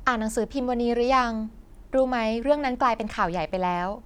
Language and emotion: Thai, neutral